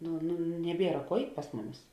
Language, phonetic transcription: Lithuanian, ˈnu nu neˈbiera ˈkuo ˈeit' pas ˈmuˌmis

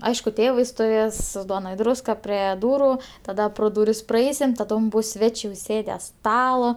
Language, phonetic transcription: Lithuanian, ˈaišku ˈtėvai stuˈvės ˈduona i ˈdrūska ˈpre ˈdūru taˈda pro dūˈris praˈeisim taˈdom ˈbus ˈsvečė uˈsėde ˈstala

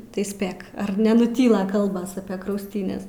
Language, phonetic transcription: Lithuanian, tai ˈspėk ar nenuˈtyla ˈkalbas apie krausˈtynes

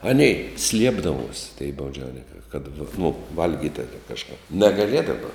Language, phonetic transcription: Lithuanian, ˈanei ˈsliepdavuos' tei bauˈdžiauninkai kad nu ˈvalgyt' ˈtuokia kažˈkap negaˈliedava

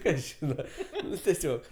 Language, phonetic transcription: Lithuanian, ˈkas ˈžyna ˈnu teˈsiog

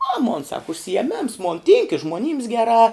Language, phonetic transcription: Lithuanian, a mon sak užsijeˈmėms mon tynk i žmoˈnyms geˈrā

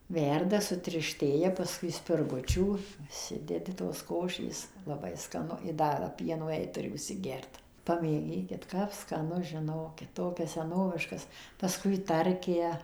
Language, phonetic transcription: Lithuanian, ˈverda sutirˈštėja paˈskui spirˈgučių užˈsidedi tos ˈkošės laˈbai skaˈnu i ˈda ˈpieno jei tuˈri užsiˈgert pamėˈgykit kap skaˈnu žiˈnokit ˈtokias seˈnoviškas paˈskui ˈtarkę

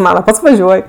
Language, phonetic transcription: Lithuanian, ˈmana ˈpats vaˈžiuoj

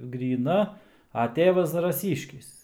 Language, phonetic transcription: Lithuanian, gryˈna a ˈtėvas zaraˈsyškis

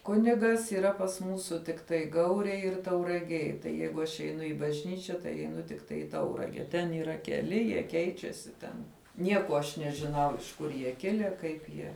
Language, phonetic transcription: Lithuanian, ˈkunigas yˈra pas ˈmūsu tikˈtai ˈgaurėj ir tauraˈgėj ˈjeigu ˈaš eˈinu i bažˈnyčia tai eiˈnu tikˈtai į ˈtaurage ten yˈra keˈli jie ˈkeičiasi ˈten ˈnieko aš nežiˈnau iš ˈkur jie ˈkile ˈkaip jie

